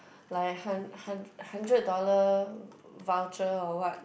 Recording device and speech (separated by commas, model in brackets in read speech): boundary microphone, conversation in the same room